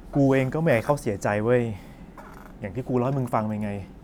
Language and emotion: Thai, frustrated